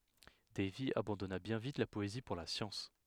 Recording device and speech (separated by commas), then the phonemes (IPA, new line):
headset microphone, read sentence
dɛjvi abɑ̃dɔna bjɛ̃ vit la pɔezi puʁ la sjɑ̃s